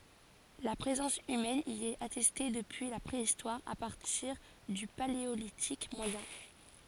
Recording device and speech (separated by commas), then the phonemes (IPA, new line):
forehead accelerometer, read sentence
la pʁezɑ̃s ymɛn i ɛt atɛste dəpyi la pʁeistwaʁ a paʁtiʁ dy paleolitik mwajɛ̃